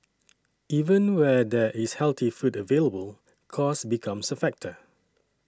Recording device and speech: standing microphone (AKG C214), read sentence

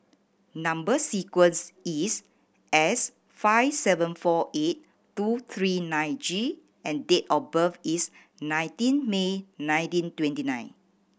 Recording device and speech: boundary microphone (BM630), read sentence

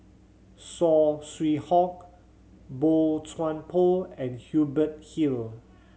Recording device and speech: mobile phone (Samsung C7100), read sentence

